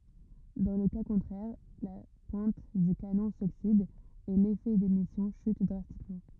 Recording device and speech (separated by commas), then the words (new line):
rigid in-ear microphone, read sentence
Dans le cas contraire, la pointe du canon s'oxyde et l'effet d'émission chute drastiquement.